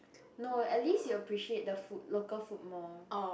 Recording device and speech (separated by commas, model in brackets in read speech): boundary microphone, conversation in the same room